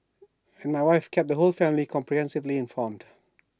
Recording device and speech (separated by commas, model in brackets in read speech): standing microphone (AKG C214), read sentence